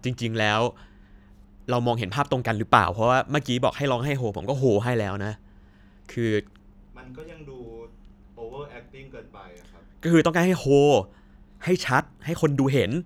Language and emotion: Thai, frustrated